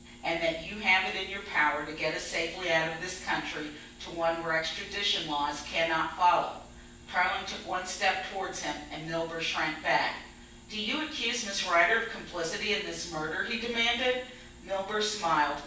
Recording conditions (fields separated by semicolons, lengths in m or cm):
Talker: one person; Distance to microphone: 9.8 m; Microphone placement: far; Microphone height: 1.8 m; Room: large; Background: none